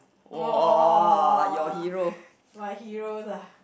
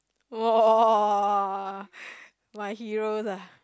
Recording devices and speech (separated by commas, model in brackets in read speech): boundary microphone, close-talking microphone, conversation in the same room